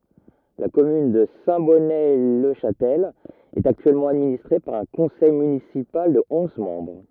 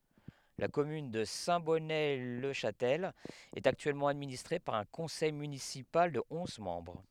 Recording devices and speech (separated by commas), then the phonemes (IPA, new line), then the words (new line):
rigid in-ear microphone, headset microphone, read sentence
la kɔmyn də sɛ̃tbɔnətlɛʃastɛl ɛt aktyɛlmɑ̃ administʁe paʁ œ̃ kɔ̃sɛj mynisipal də ɔ̃z mɑ̃bʁ
La commune de Saint-Bonnet-le-Chastel est actuellement administrée par un conseil municipal de onze membres.